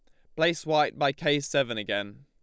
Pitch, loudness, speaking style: 145 Hz, -27 LUFS, Lombard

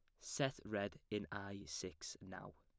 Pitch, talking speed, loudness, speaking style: 100 Hz, 155 wpm, -46 LUFS, plain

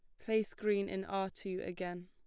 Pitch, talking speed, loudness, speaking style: 195 Hz, 195 wpm, -37 LUFS, plain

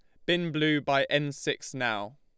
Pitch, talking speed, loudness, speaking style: 145 Hz, 190 wpm, -28 LUFS, Lombard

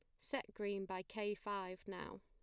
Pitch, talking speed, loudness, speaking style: 200 Hz, 175 wpm, -45 LUFS, plain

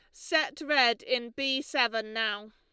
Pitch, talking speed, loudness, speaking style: 245 Hz, 155 wpm, -28 LUFS, Lombard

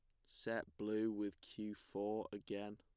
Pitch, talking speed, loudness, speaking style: 105 Hz, 145 wpm, -45 LUFS, plain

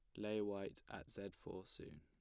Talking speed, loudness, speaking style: 200 wpm, -48 LUFS, plain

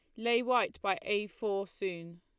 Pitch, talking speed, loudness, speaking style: 205 Hz, 180 wpm, -33 LUFS, Lombard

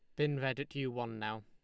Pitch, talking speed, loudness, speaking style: 130 Hz, 290 wpm, -37 LUFS, Lombard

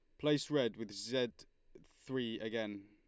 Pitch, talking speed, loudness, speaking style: 115 Hz, 135 wpm, -38 LUFS, Lombard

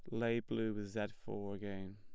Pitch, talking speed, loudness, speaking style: 105 Hz, 205 wpm, -41 LUFS, plain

